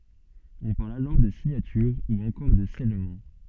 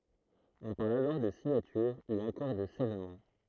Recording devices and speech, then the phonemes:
soft in-ear microphone, throat microphone, read sentence
ɔ̃ paʁl alɔʁ də siɲatyʁ u ɑ̃kɔʁ də sɛlmɑ̃

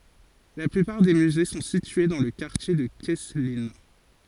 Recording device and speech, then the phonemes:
forehead accelerometer, read sentence
la plypaʁ de myze sɔ̃ sitye dɑ̃ lə kaʁtje də kɛsklin

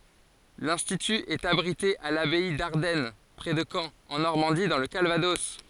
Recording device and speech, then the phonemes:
forehead accelerometer, read sentence
lɛ̃stity ɛt abʁite a labɛi daʁdɛn pʁɛ də kɑ̃ ɑ̃ nɔʁmɑ̃di dɑ̃ lə kalvadɔs

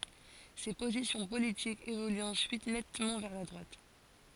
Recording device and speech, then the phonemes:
forehead accelerometer, read sentence
se pozisjɔ̃ politikz evolyt ɑ̃syit nɛtmɑ̃ vɛʁ la dʁwat

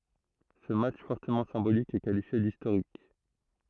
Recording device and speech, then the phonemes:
throat microphone, read sentence
sə matʃ fɔʁtəmɑ̃ sɛ̃bolik ɛ kalifje distoʁik

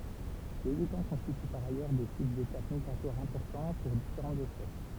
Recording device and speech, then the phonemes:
temple vibration pickup, read sentence
lez etɑ̃ kɔ̃stity paʁ ajœʁ de sit detap miɡʁatwaʁ ɛ̃pɔʁtɑ̃ puʁ difeʁɑ̃tz ɛspɛs

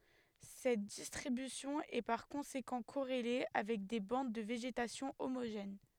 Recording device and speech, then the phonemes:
headset microphone, read sentence
sɛt distʁibysjɔ̃ ɛ paʁ kɔ̃sekɑ̃ koʁele avɛk de bɑ̃d də veʒetasjɔ̃ omoʒɛn

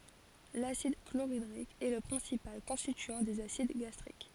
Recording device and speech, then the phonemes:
forehead accelerometer, read sentence
lasid kloʁidʁik ɛ lə pʁɛ̃sipal kɔ̃stityɑ̃ dez asid ɡastʁik

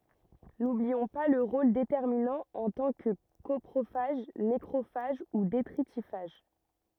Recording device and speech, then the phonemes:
rigid in-ear microphone, read sentence
nubliɔ̃ pa lœʁ ʁol detɛʁminɑ̃ ɑ̃ tɑ̃ kə kɔpʁofaʒ nekʁofaʒ u detʁitifaʒ

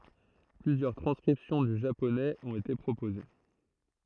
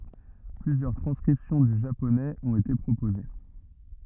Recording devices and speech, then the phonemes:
throat microphone, rigid in-ear microphone, read sentence
plyzjœʁ tʁɑ̃skʁipsjɔ̃ dy ʒaponɛz ɔ̃t ete pʁopoze

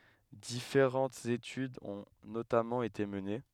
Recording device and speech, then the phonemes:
headset microphone, read sentence
difeʁɑ̃tz etydz ɔ̃ notamɑ̃ ete məne

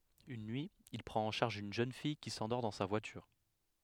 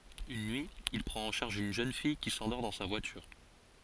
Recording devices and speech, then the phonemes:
headset microphone, forehead accelerometer, read sentence
yn nyi il pʁɑ̃t ɑ̃ ʃaʁʒ yn ʒøn fij ki sɑ̃dɔʁ dɑ̃ sa vwatyʁ

